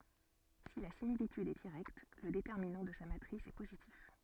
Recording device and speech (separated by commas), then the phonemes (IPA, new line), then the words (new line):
soft in-ear microphone, read sentence
si la similityd ɛ diʁɛkt lə detɛʁminɑ̃ də sa matʁis ɛ pozitif
Si la similitude est directe, le déterminant de sa matrice est positif.